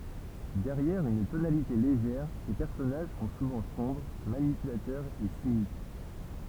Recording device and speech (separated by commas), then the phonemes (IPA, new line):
temple vibration pickup, read sentence
dɛʁjɛʁ yn tonalite leʒɛʁ se pɛʁsɔnaʒ sɔ̃ suvɑ̃ sɔ̃bʁ manipylatœʁz e sinik